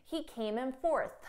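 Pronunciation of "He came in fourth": At the end of 'fourth', a puff of air is heard.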